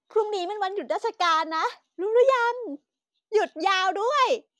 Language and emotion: Thai, happy